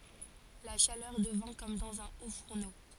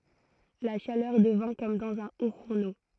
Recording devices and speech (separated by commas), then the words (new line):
forehead accelerometer, throat microphone, read sentence
La chaleur devint comme dans un haut-fourneau.